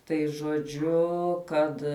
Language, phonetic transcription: Lithuanian, tai žoˈdžiu ˈkad

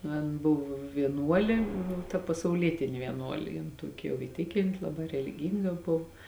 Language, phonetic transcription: Lithuanian, nu ˈan ˈbuv vieˈnuolė ˈnu ta pasauˈlietini vieˈnuolė jin ˈtuoki jau i ˈtikinti ˈlaˌbā reliˈgynga ˈbov

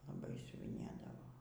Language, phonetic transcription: Lithuanian, laˈbai siuviˈnėdavo

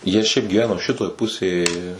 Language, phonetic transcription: Lithuanian, ˈjie šiaip gyˈveno ˈšitoj ˈpusėj

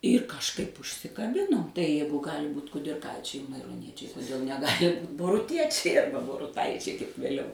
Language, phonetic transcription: Lithuanian, ir kažˈkaip užsikaˈbinom tai ˈjeigu ˈgali ˈbūt kudirˈkaičiai mairoˈniečiai kuˈdėl neˈgali ˈbūt boruˈtiečiai ˈarba boruˈtaičiai kaip vėˈliau

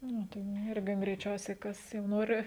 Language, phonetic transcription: Lithuanian, ˈnu tai nu ˈirgi greiˈčiausiai ˈkas jau ˈnori

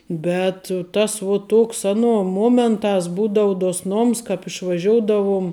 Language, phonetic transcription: Lithuanian, ˈbet tas vuo ˈtuoks ˈaˌnuo ˈmuomentās ˈbūdau duosˈnoms kāp išvaˈžioudavum

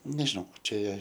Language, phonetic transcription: Lithuanian, nežiˈnau ˈčia

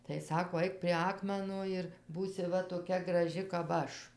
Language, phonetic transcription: Lithuanian, tai ˈsako ˈaik prie ˈakmeno ir ˈbūsi ˈva toˈkia graˈži kap ˈaš

